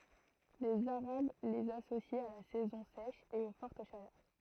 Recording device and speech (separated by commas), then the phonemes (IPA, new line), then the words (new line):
throat microphone, read sentence
lez aʁab lez asosit a la sɛzɔ̃ sɛʃ e o fɔʁt ʃalœʁ
Les Arabes les associent à la saison sèche et aux fortes chaleurs.